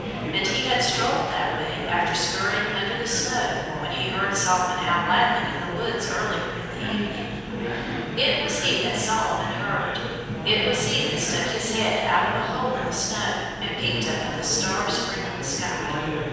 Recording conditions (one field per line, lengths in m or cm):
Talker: one person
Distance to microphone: 7.1 m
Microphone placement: far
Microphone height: 1.7 m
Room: very reverberant, large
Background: babble